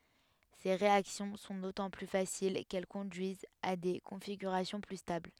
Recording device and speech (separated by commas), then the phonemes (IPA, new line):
headset microphone, read sentence
se ʁeaksjɔ̃ sɔ̃ dotɑ̃ ply fasil kɛl kɔ̃dyizt a de kɔ̃fiɡyʁasjɔ̃ ply stabl